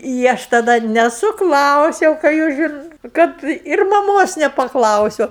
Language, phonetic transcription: Lithuanian, i ˈaš taˈda nesuˈklausiau ką ˈjūs žin ˈkad ir maˈmos nepaˈklausiu

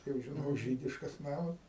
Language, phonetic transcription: Lithuanian, ˈtai jau žiˈnok ˈžydiškas ˈnamas

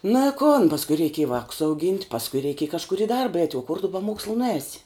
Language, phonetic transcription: Lithuanian, na i kon pasˈkui reiˈkėj ˈvākus auˈgynt' pasˈkui reiˈkėj kažˈkur i ˈdarba eit' o kur tu be ˈmokslu nuˈēsi

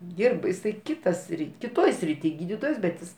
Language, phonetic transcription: Lithuanian, ˈdyrba jiˈsai ˈkita ˈsrit' kiˈtoj sriˈty ˈgydytojas bet ˈjis

